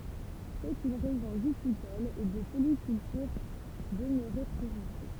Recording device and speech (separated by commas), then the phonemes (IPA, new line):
temple vibration pickup, read sentence
sɛt yn ʁeʒjɔ̃ vitikɔl e də polikyltyʁ dəmøʁe tʁɛ ʁyʁal